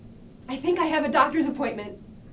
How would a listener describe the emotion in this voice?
fearful